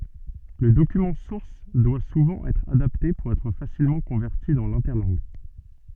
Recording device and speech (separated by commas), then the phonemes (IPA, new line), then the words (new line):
soft in-ear microphone, read sentence
lə dokymɑ̃ suʁs dwa suvɑ̃ ɛtʁ adapte puʁ ɛtʁ fasilmɑ̃ kɔ̃vɛʁti dɑ̃ lɛ̃tɛʁlɑ̃ɡ
Le document source doit souvent être adapté pour être facilement converti dans l'interlangue.